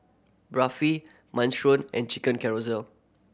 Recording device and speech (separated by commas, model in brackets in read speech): boundary microphone (BM630), read sentence